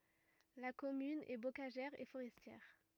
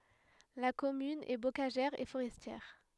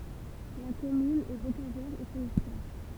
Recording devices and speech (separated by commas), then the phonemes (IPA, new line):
rigid in-ear microphone, headset microphone, temple vibration pickup, read sentence
la kɔmyn ɛ bokaʒɛʁ e foʁɛstjɛʁ